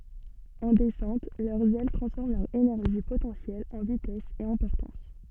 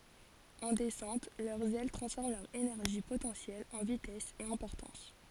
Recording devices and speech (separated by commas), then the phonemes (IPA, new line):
soft in-ear microphone, forehead accelerometer, read sentence
ɑ̃ dɛsɑ̃t lœʁz ɛl tʁɑ̃sfɔʁm lœʁ enɛʁʒi potɑ̃sjɛl ɑ̃ vitɛs e ɑ̃ pɔʁtɑ̃s